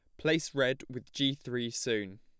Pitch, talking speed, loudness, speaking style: 130 Hz, 180 wpm, -32 LUFS, plain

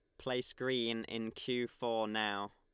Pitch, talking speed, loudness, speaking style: 115 Hz, 155 wpm, -37 LUFS, Lombard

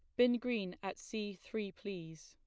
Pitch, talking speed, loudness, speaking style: 200 Hz, 175 wpm, -39 LUFS, plain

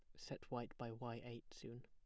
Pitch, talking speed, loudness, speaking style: 120 Hz, 220 wpm, -51 LUFS, plain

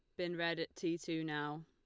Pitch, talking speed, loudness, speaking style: 165 Hz, 250 wpm, -40 LUFS, Lombard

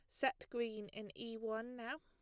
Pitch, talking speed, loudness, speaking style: 230 Hz, 200 wpm, -44 LUFS, plain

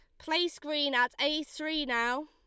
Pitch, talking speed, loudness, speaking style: 295 Hz, 175 wpm, -30 LUFS, Lombard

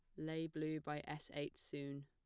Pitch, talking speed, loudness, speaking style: 150 Hz, 195 wpm, -46 LUFS, plain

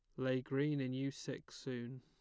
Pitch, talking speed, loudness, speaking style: 130 Hz, 200 wpm, -41 LUFS, plain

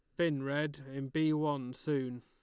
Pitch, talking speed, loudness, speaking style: 145 Hz, 180 wpm, -35 LUFS, Lombard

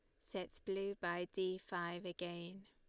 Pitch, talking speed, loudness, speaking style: 180 Hz, 145 wpm, -44 LUFS, Lombard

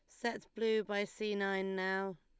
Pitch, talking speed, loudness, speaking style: 205 Hz, 180 wpm, -37 LUFS, Lombard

